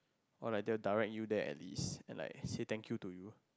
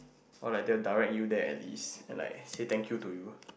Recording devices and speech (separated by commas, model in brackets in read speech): close-talking microphone, boundary microphone, conversation in the same room